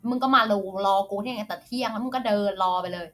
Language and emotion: Thai, frustrated